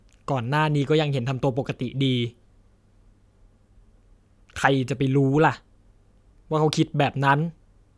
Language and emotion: Thai, frustrated